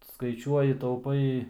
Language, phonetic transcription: Lithuanian, skaiˈčiuoji tauˈpai

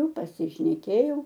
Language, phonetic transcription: Lithuanian, pasišneˈkėjau

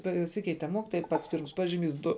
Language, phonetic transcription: Lithuanian, paˈsikeite ˈmokytoja i pats pyrms ˈpažiˌmys ˈdu

